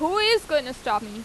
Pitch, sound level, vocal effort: 300 Hz, 93 dB SPL, loud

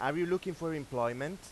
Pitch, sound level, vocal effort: 165 Hz, 95 dB SPL, loud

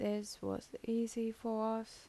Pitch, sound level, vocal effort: 225 Hz, 80 dB SPL, soft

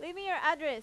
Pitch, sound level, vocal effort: 320 Hz, 95 dB SPL, very loud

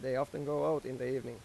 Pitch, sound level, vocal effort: 130 Hz, 90 dB SPL, normal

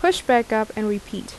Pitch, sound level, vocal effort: 220 Hz, 81 dB SPL, normal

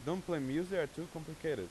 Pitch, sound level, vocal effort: 160 Hz, 92 dB SPL, loud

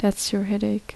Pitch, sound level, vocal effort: 205 Hz, 73 dB SPL, soft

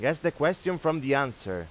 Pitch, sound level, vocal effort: 150 Hz, 94 dB SPL, loud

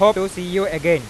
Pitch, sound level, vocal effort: 185 Hz, 100 dB SPL, very loud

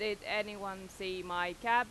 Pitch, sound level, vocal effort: 195 Hz, 93 dB SPL, very loud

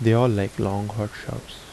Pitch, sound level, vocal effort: 105 Hz, 75 dB SPL, soft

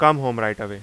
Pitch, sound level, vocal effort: 110 Hz, 93 dB SPL, very loud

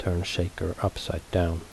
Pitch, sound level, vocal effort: 90 Hz, 69 dB SPL, soft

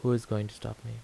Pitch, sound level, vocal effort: 115 Hz, 77 dB SPL, soft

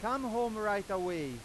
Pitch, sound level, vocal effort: 205 Hz, 100 dB SPL, very loud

